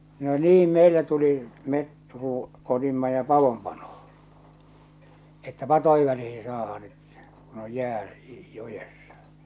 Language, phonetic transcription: Finnish, no "niim 'meillä tuli , met ruu- , otimma ja "pavom 'panoh̬ᴏ , että 'pat̳oilla niihɪ saahaa nyt , kun oj 'jää , 'jojessᴀ .
- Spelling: no niin meillä tuli me - otimme ja padon panoon että padoilla niihin saadaan nyt kun on jää joessa

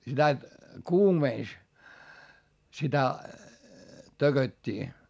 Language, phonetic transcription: Finnish, sitä , kuumèns , sitä , töGöt́t́ii .
- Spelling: sitä kuumensi sitä tököttiä

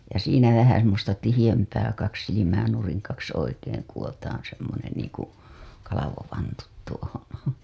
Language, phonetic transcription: Finnish, ja siinä vähä semmosta 'tihiʲämpää kaks silimää nuriŋ kaks oikeeŋ kuWotaaa̰ semmonen niiŋ ku , 'kalavovantut tuohoo̰ .
- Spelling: ja siinä vähän semmoista tiheämpää kaksi silmää nurin kaksi oikein kudotaan semmoinen niin kuin kalvovantut tuohon

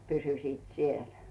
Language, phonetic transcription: Finnish, 'pysysiit "siel .
- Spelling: pysyisivät siellä

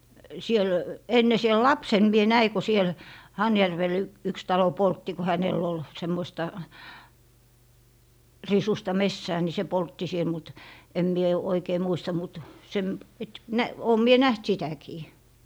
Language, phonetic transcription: Finnish, 'siel , 'enne siel "lapsen mie 'näi ko siel , Hajärvel yks talo "poltti ko 'hänèl ‿ol , 'semmoⁱsta , 'risusta "messää ni se "poltti 'siel mut , em mie 'oikee 'muista mut , sem- , et - 'nä - 'oom mie "näht sitäkii .
- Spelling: siellä ennen siellä lapsena minä näin kun siellä Hanhijärvellä yksi talo poltti kun hänellä oli semmoista risuista metsää niin se poltti siellä mutta en minä oikein muista mutta - - - olen minä nähnyt sitäkin

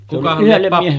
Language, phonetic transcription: Finnish, silleˀ ˀyhellem miehe- ,.
- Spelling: sille yhdelle -

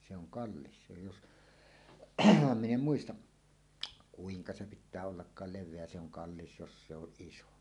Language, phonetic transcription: Finnish, se ‿oŋ 'kallis se jos , "min ‿em 'muistaˀ , 'kuiŋka se pit̆tää 'ollakkaal 'lev̆veä se ‿oŋ "kallis jos se ‿oˀ 'ˀiso .
- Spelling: se on kallis se jos minä en muista kuinka se pitää ollakaan leveä se on kallis jos se on iso

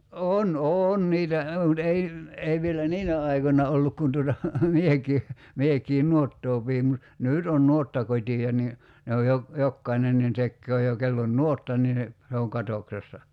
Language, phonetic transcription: Finnish, "on o- "oon niitä , (mut) 'ei , 'ei vielä "niinä 'aikonna olluk kun tuota , 'mieki , 'miekii "nuottoo piim mut , 'nỳt on 'nuottakot́i₍a ni , ne oj jo , 'jokkainen nin 'tekköö jo 'kell ‿on "nuotta nii , se oŋ 'katoksessa .
- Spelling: on - on niitä mutta ei ei vielä niinä aikoina ollut kun tuota minäkin minäkin nuottaa pidin mutta nyt on nuottakotia niin ne on jo jokainen niin tekee jo kenellä on nuotta niin se on katoksessa

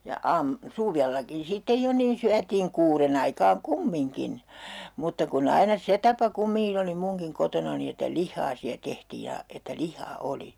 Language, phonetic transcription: Finnish, ja 'aam- , 'suvellakin sitte 'jo niin 'syätiiŋ 'kuuren ‿aikaaŋ "kummiŋkin , mutta ku'n ‿aina "se tapa 'kummiŋkin ‿oli 'muŋkiŋ 'kotonani että "lihhaa siä 'tehtii ja , että 'lih̆haa "oli .
- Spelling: ja - suvellakin sitten jo niin syötiin kuuden aikaan kumminkin mutta kun aina se tapa kumminkin oli munkin kotonani että lihaa siellä tehtiin ja että lihaa oli

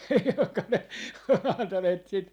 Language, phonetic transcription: Finnish, joŋka ne on 'antaneet sit ,.
- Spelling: jonka ne on antaneet sitten

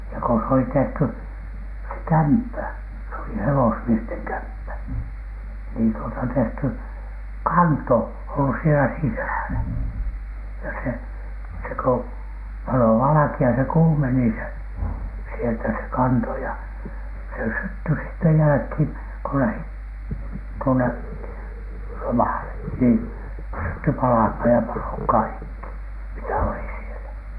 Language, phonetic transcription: Finnish, ja ko s ‿oli 'tehty , se "kämppä , se oli "hewosmiesteŋ 'kämppä , niin tuota 'tehty , "kanto , ollus sielä 'sisä̀lä , ja se , se ko 'palo 'valᵃki₍a se "kuumeni se , sieltä se "kanto ja , se sytty sitte "jälᵃ̈khiiŋ ko lähit , tuone , 'lomàle , niin sytty palahmaan ja palo "kaikki , mitä oli sielä .
- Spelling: ja kun se oli tehty se kämppä se oli hevosmiesten kämppä niin tuota tehty kanto ollut siellä sisällä ja se se kun paloi valkea se kuumeni se sieltä se kanto ja se syttyi sitten jälkeen kun lähtivät tuonne lomalle niin syttyi palamaan ja paloi kaikki mitä oli siellä

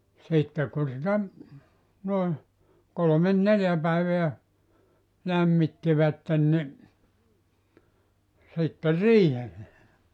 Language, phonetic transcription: Finnish, ja , 'sitte ku sitä , noe , 'kolomen "neljä 'päiveä , 'lämmittivätten ni , sitte "riihelle .
- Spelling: ja sitten kun sitä noin kolme neljä päivää lämmittivät niin sitten riihelle

